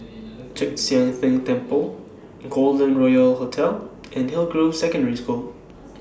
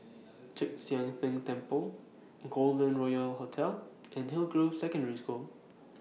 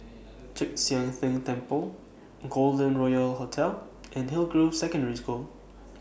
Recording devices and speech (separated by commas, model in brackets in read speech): standing microphone (AKG C214), mobile phone (iPhone 6), boundary microphone (BM630), read sentence